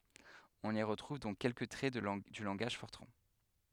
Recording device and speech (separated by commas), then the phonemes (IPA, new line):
headset microphone, read sentence
ɔ̃n i ʁətʁuv dɔ̃k kɛlkə tʁɛ dy lɑ̃ɡaʒ fɔʁtʁɑ̃